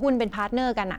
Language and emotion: Thai, frustrated